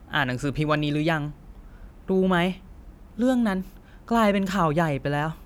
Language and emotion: Thai, frustrated